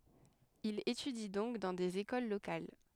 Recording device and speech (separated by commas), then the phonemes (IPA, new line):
headset microphone, read sentence
il etydi dɔ̃k dɑ̃ dez ekol lokal